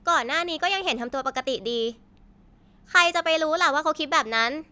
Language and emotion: Thai, frustrated